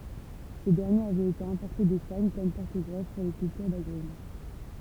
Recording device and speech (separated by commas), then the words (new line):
temple vibration pickup, read sentence
Ce dernier avait été importé d'Espagne comme porte-greffe pour les cultures d'agrumes.